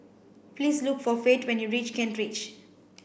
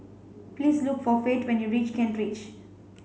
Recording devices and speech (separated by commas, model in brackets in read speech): boundary microphone (BM630), mobile phone (Samsung C5), read sentence